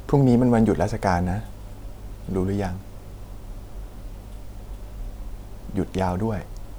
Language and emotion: Thai, sad